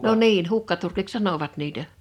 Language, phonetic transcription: Finnish, no 'niin , "hukkaturkiks "sanovat niitä .
- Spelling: no niin hukkaturkiksi sanoivat niitä

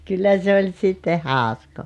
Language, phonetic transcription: Finnish, 'kyllä se oĺ sitte "hàoskoo .
- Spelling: kyllä se oli sitten hauskaa

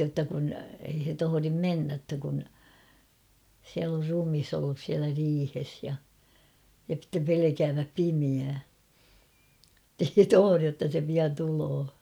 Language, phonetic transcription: Finnish, jotta kun , ei he 'tohorim "mennä ‿ttä kun , siäl ‿or 'rumis ‿ollus siälä 'riihes ja , ja (sⁱttem) 'pelekääväp "pimiää , [et]tei he "tohorij jotta se pian 'tuloo .
- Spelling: jotta kun ei he tohdi mennä että kun siellä on ruumis ollut siellä riihessä ja ja sitten pelkäävät pimeää että ei he tohdi jotta se pian tulee

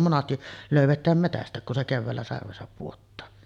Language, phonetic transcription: Finnish, monasti , 'lö̀yvet̆tääm 'metäst̀ä̀ek kun se 'kevväällä sarvesap puottaa .
- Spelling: monesti löydetään metsästäkin kun se keväällä sarvensa pudottaa

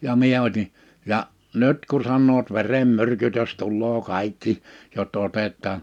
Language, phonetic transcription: Finnish, ja 'mie oti , ja "nyt ku 'sannoot » 'verem'myrkytös 'tulloo 'kàikki , jo(s) 'otet̆taan « ,.
- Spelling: ja minä otin ja nyt kun sanovat verenmyrkytys tulee kaikki jos otetaan

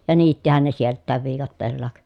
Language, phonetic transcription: Finnish, ja niittihän ne sielt̆tääv viikatteellaak .
- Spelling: ja niittihän ne sieltäkin viikatteella

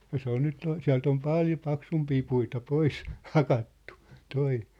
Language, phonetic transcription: Finnish, ja 'se ‿on nyt , siä̭lt ‿om "pàljo 'paksumpii puita 'pois , 'hakattu , 'toi .
- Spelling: ja se on nyt sieltä on paljon paksumpia puita pois hakattu tuo

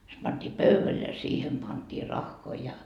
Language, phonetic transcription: Finnish, se panDii "pöyväl ja 'siihem pantii "raχχoi ja .
- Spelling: se pantiin pöydälle ja siihen pantiin rahoja ja

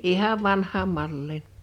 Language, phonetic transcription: Finnish, 'ihav 'vanh̆haam 'malliin .
- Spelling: ihan vanhaan malliin

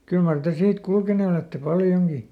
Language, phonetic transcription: Finnish, ˈkyl mar te ˈsiit ˈkulkene olette ˈpaljoŋGi ?
- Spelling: kyllä mar te siitä kulkeneet olette paljonkin

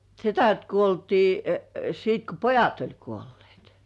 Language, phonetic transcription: Finnish, setät 'kuoltii , sit ko "pojat oĺ kuollĭèt .
- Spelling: sedät kuoltiin sitten kun pojat oli kuolleet

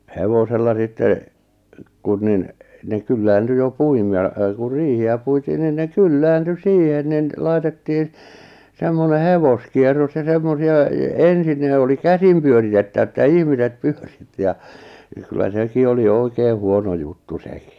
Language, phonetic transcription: Finnish, 'hevosella sitte , 'kun nin , ne 'kylläänty jo 'puim- ja , ku 'riihi₍ä puitiin nin ne "kylläänty "siihen nin , 'laitettiin , 'semmone "hevoskierros ja 'semmosi₍a , e- "ensin ne oli "kä-sim pyöritettᵃ̈vᵃ̈ että "ihmiset "pʏöʀɪttɪ ja , ja kyllä 'seki oli 'oikee 'huono juttu 'sᴇkɪ .
- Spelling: hevosella sitten kun niin ne kyllääntyi jo - ja kun riihiä puitiin niin ne kyllääntyi siihen niin laitettiin semmoinen hevoskierros ja semmoisia - ensin ne oli käsin pyöritettävä että ihmiset pyöritti ja ja kyllä sekin oli oikein huono juttu sekin

